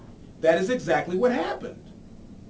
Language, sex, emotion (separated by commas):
English, male, angry